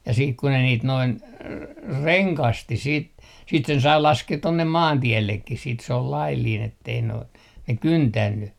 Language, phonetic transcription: Finnish, ja 'siik ku ne niit noin , "reŋkasti siit , siit sen sai 'laskeet 'tonnem 'maantiellekkis siit s ‿ol laillin ettei noin , 'ne "kyntänny .
- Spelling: ja sitten kun ne niitä noin rengasti sitten sitten sen sai laskea tuonne maantiellekin sitten se oli laillinen että ei noin ne kyntänyt

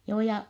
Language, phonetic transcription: Finnish, joo ja .
- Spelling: joo ja

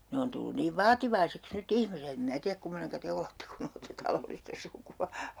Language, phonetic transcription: Finnish, 'ne on tullun niiv "vaativaiseks 'ny't ‿ihmiset ‿em 'mⁱnä tiäk 'kummoneŋka 'te olette kun ‿olette 'talollista 'suku₍a .
- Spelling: ne on tullut niin vaativaiseksi nyt ihmiset en minä tiedä kummoinen te olette kun olette talollista sukua

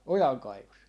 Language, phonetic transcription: Finnish, "ojaŋkaivos .
- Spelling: ojankaivossa

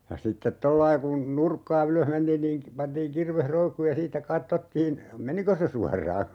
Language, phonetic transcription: Finnish, ja 'sittet "tollai kun 'nurkkaa "ylöh mentiin niiŋ k- , 'pantiiŋ 'kirveh "roikkuuj ja 'siittä "kattottiin , "meniko se 'suar̀aa .
- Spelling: ja sitten tuolla lailla kun nurkkaa ylös mentiin niin - pantiin kirves roikkumaan ja siitä katsottiin menikö se suoraan

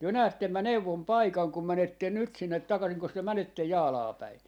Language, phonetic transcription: Finnish, 'työ 'näättem mä "neuvom "paikaŋ kum 'mänetten̆ 'nyt sinnet 'takasiŋkos työ 'mänettej "Jaalaa 'päi ?
- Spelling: te näette minä neuvon paikan kun menette nyt sinne takaisinkos te menette Jaalaan päin

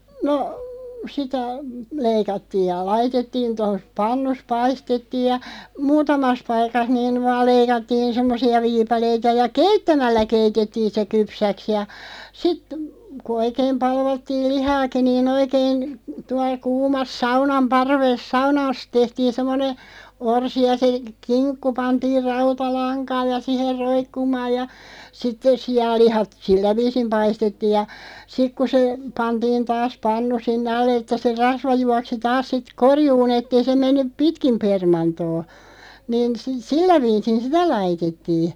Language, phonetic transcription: Finnish, no , sitä , 'leikattiiʲ ja 'laitettiin̬ tos , "pannus 'paistettiiʲ ja , "muutamas 'paikas niin̳§ vaal 'leikattiin 'semmosi₍a "viipaleita ja "keittämällä 'keitettiin̬ se 'kypsäks ja , sit , ku 'oikeem 'palvattiil "lihaaki nii'n ‿oikeeⁱn , 'tuaˡ 'kuumas "saunam 'parves "saunaas 'tehtiin̬ 'semmone , 'orsi ja se , "kiŋkku 'pantiir "rauta'laŋkaaʲ ja 'siher 'roikkumaaj ja , 'sitteˢ "si₍allihat "sillä viisim 'paistettiij ja , 'sik ku se , 'pantiin taas 'pannu 'sinnᵉ "al̆le ᵉttä se 'rasva 'juaksi 'taas sit "korjuu'n ‿ett ‿ei se 'mennyᵖ "pitkim 'permantoo , niin si- 'sillä viisin "sitä 'laitettiiɴ .
- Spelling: no sitä leikattiin ja laitettiin tuossa pannut paistettiin ja muutamassa paikassa niin vain leikattiin semmoisia viipaleita ja keittämällä keitettiin se kypsäksi ja sitten kun oikein palvattiin lihaakin niin oikein tuolla kuumassa saunan parvessa saunassa tehtiin semmoinen orsi ja se kinkku pantiin rautalankaan ja siihen roikkumaan ja sitten sianlihat sillä viisiin paistettiin ja sitten kun se pantiin taas pannu sinne alle että se rasva juoksi taas sitten korjuun että ei se mennyt pitkin permantoa niin - sillä viisiin sitä laitettiin

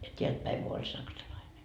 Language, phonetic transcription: Finnish, ja 'teält päiŋ Gu oĺ 'saksalaine .
- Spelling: ja täältä päin kun oli saksalainen

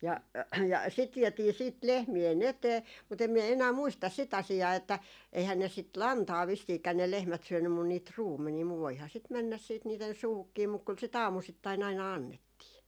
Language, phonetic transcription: Finnish, 'ja 'ja sit 'viɛtii 'siit "lehmie"n ‿etee , mut ‿em miɛ enää 'muistas 'sit 'asi₍aa että , eihän ne sit "lantaa 'vissiikä ne 'lehmät 'syönnym mun niit "ruummenii muv voiha sit 'mɛnnäs siit niiten̬ 'suuhukkii muk kyl sit "aamusittai'n ‿aina 'annettii .
- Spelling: ja ja sitä vietiin sitten lehmien eteen mutta en minä enää muista sitä asiaa että eihän ne sitä lantaa vissiinkään ne lehmät syönyt mutta niitä ruumenia mutta voihan sitä mennä sitten niiden suuhunkin mutta kyllä sitä aamusittain aina annettiin

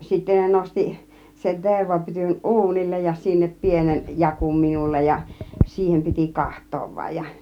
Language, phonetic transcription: Finnish, ja 'sittä ne 'nosti , sen 'tervapytyn "ˀuunillej ja , 'sinnep 'pienen , "jakum 'minullej ja , 'siihem piti 'kaht̆toov vaⁱj ja .
- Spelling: ja sitten ne nosti sen tervapytyn uunille ja sinne pienen jakun minulle ja siihen piti katsoa vain ja

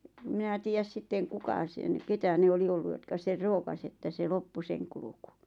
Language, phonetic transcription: Finnish, ᵉ 'mⁱnä 'tiijäs 'sitteᵑ "kuka sen , 'ketä ne 'oli 'ollu jotka 'ser "rookas ‿että 'se "loppu 'seŋ kuluku .
- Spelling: en minä tiedä sitten kuka sen keitä ne oli ollut jotka sen rookasi että se loppui sen kulku

